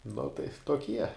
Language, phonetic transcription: Lithuanian, nu tai toˈkie

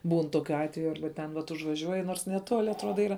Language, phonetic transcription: Lithuanian, ˈbūn ˈtoˌkiu ˈatveju ˈarba ˈten vat užvaˈžiuoji nors neˈtoli atˈruoda ˈyra

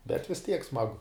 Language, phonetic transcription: Lithuanian, bet vis tiek ˈsmagu

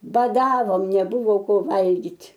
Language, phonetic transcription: Lithuanian, baˈdavom neˈbuvo ˈko ˈvalgit'

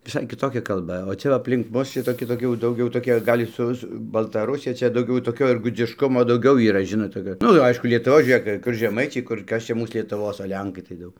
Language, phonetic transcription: Lithuanian, viˈsai kiˈtokia kalˈba o ˈčia va aplink ˈmus ˈšitoki toˈki jau dauˈgiau toˈki ˈgal' ˈsu su baltaˈrusija ˈčia dauˈgiau toˈkio ir gudzišˈkumo dauˈgiau yˈra ˈžinot toˈkio ˈnu ˈaišku lietuˈvos žiūˈrėk kur žeˈmaičiai kur ˈkas ˈčia ˈmūs lietuˈvos o ˈlenkai tai ˈdaug

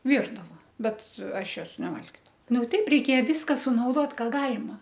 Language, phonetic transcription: Lithuanian, ˈvyrdava ˈbet ˈaš ˈjos neˈvalgidavau ˈnu ˈteip reiˈkėja ˈvyska sunauˈdot ˈką ˈgalima

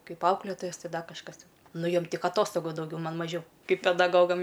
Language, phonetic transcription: Lithuanian, ˈkaip ˈauklėtojas ˈti ˈda kažˈkas ˈtin ˈnu ˈjom ˈtik aˈtostogu dauˈgiau ˈman maˈžiau ˈkaip pedaˈgogam

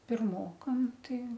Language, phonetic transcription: Lithuanian, pirˈmokam ˈtai

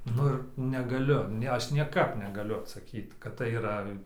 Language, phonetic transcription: Lithuanian, ˈnu ir negaˈliu ˈne ˈaš nieˈkap negaˈliu atsaˈkyt kad tai yˈra

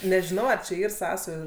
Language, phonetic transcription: Lithuanian, nežiˈnau ar čia ˈyr ˈsąsajų

